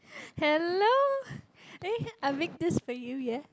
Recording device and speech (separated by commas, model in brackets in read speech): close-talking microphone, conversation in the same room